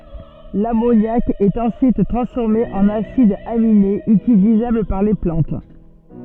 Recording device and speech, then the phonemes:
soft in-ear microphone, read sentence
lamonjak ɛt ɑ̃syit tʁɑ̃sfɔʁme ɑ̃n asidz aminez ytilizabl paʁ le plɑ̃t

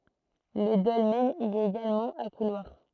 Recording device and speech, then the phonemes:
throat microphone, read sentence
lə dɔlmɛn i ɛt eɡalmɑ̃ a kulwaʁ

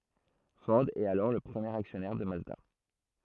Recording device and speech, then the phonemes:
throat microphone, read sentence
fɔʁ ɛt alɔʁ lə pʁəmjeʁ aksjɔnɛʁ də mazda

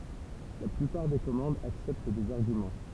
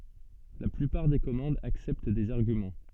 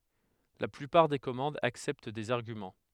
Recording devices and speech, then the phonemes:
temple vibration pickup, soft in-ear microphone, headset microphone, read sentence
la plypaʁ de kɔmɑ̃dz aksɛpt dez aʁɡymɑ̃

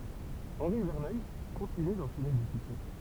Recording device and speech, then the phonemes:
temple vibration pickup, read sentence
ɑ̃ʁi vɛʁnœj kɔ̃tiny dɑ̃ʃɛne de syksɛ

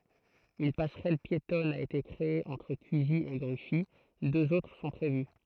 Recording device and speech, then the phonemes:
throat microphone, read sentence
yn pasʁɛl pjetɔn a ete kʁee ɑ̃tʁ kyzi e ɡʁyfi døz otʁ sɔ̃ pʁevy

